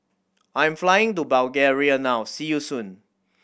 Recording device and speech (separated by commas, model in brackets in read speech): boundary microphone (BM630), read sentence